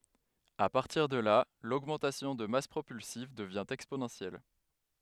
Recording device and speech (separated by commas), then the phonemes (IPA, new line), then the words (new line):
headset microphone, read sentence
a paʁtiʁ də la loɡmɑ̃tasjɔ̃ də mas pʁopylsiv dəvjɛ̃ ɛksponɑ̃sjɛl
À partir de là, l'augmentation de masse propulsive devient exponentielle.